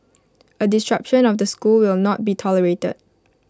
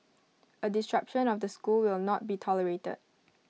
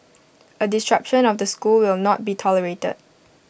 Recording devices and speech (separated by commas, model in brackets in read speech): close-talking microphone (WH20), mobile phone (iPhone 6), boundary microphone (BM630), read sentence